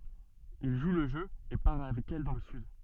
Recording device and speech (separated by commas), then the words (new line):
soft in-ear microphone, read sentence
Il joue le jeu et part avec elle dans le sud.